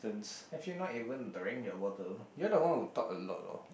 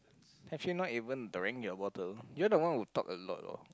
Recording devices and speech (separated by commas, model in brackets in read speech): boundary microphone, close-talking microphone, conversation in the same room